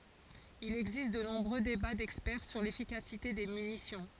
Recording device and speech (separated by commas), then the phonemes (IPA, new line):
forehead accelerometer, read sentence
il ɛɡzist də nɔ̃bʁø deba dɛkspɛʁ syʁ lefikasite de mynisjɔ̃